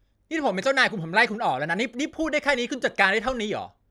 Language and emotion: Thai, angry